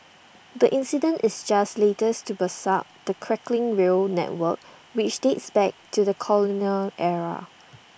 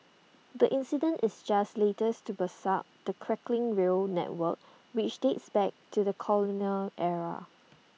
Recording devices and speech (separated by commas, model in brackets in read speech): boundary microphone (BM630), mobile phone (iPhone 6), read sentence